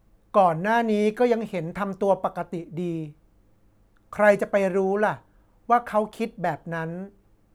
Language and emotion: Thai, neutral